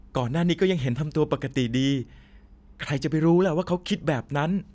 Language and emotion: Thai, frustrated